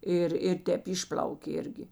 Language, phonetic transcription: Lithuanian, ˈir ir ˈtēp ˈišpl'aukė ˈirgi

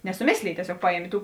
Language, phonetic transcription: Lithuanian, nesuˈmėslėj tieˈsiog ˈpaˌjiemė ˈtų

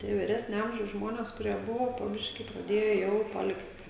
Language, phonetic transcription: Lithuanian, ˈtie vyˈresnio ˈamžiaus ˈžmonės kuˈrie ˈbuvo po ˈbiškį praˈdėjo ˈjau paˈlikt'

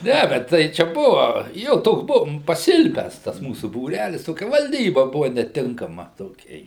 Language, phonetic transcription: Lithuanian, ˈnævet ˈtai ˈčia ˈbuva ˈjo ˈtoks ˈbuvom paˈsilpęs tas ˈmūsu būˈrælis ˈtokia valˈdyba ˈbuva neˈtinkama toˈkia

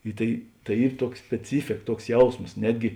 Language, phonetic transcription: Lithuanian, i ˈtai tai ˈyr ˈtuoks speˈcyfėk ˈtuoks ˈjausmos ˈnetgi

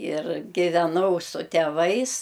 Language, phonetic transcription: Lithuanian, ir giveˈnau su teˈvais

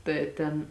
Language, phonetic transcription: Lithuanian, tai ˈten

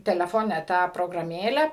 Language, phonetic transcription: Lithuanian, teleˈfone ˈtą prograˈmėle

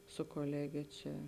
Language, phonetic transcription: Lithuanian, su koˈlegė ˈčia

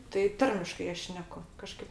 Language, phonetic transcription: Lithuanian, tai ˈtarmiškai ˈaš ˈšneku kaˈžkaip

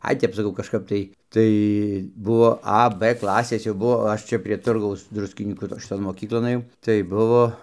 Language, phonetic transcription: Lithuanian, ˈai ˈtep saˈkau kažˈkaip tai tai ˈbuo a b ˈklasės jau ˈbuvo ˈaš čia prie ˈturgaus ˈdruskinykų to šiˈton moˈkyklon ɘˈjau tai ˈbuvo

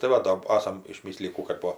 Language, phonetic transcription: Lithuanian, tai ˈva do ˈasam išˈmislijį ˈkų kad ˈpo

